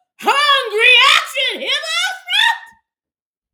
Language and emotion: English, surprised